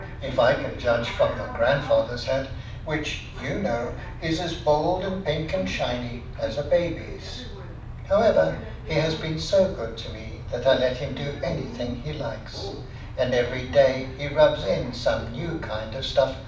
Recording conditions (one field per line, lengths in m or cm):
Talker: one person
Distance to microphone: 5.8 m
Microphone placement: far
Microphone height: 1.8 m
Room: medium-sized (5.7 m by 4.0 m)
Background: television